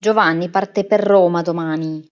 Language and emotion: Italian, angry